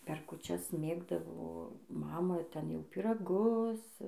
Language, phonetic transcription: Lithuanian, per kuˈčias ˈmėgdavo ˈmama ˈten jau pyraˈgus

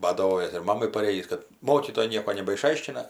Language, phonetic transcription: Lithuanian, badaˈvojas ir ˈmamai paˈrėjįs kad ˈmokytojai ˈnieko nebaiˈšaiškina

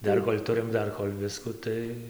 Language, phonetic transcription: Lithuanian, ˈdar kol' ˈturim ˈdar kol' ˈvisku ˈtai

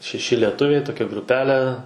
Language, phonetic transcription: Lithuanian, šeˈši lieˈtuviai toˈkia gruˈpele

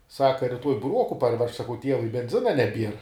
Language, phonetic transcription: Lithuanian, ˈsaka riˈtuoj buˈruoku parˈvežk saˈkau ˈtievui benˈzina neˈbier

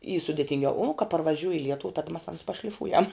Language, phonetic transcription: Lithuanian, y sudetinˈgiau ū ka parvaˈžiūj i ˈlietuv tad mas ans pašliˈfūjam

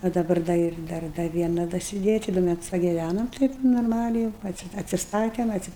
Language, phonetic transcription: Lithuanian, a daˈbar da ˈir ˈdar da ˈviena dasiˈdėja ˈči ˈdu ˈmetus pagiˈvænom ˈtaip norˈmaliai jūu ˈatsi atsiˈstatem ˈatsi

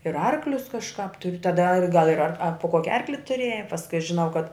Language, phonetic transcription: Lithuanian, ir ˈarklius kažˈkāp tur taˈda ar gal ir ar po ˈkoki ˈarkli tuˈrėja pasˈkui aš žiˈnau kad

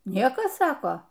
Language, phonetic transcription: Lithuanian, ˈniekas ˈsako

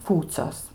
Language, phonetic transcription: Lithuanian, ˈkūcios

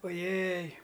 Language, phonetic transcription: Lithuanian, oˈjej

